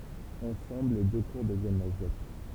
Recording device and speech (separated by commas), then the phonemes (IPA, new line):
temple vibration pickup, read sentence
ɑ̃sɑ̃bl le dø kuʁ dəvjɛn la ʒɛt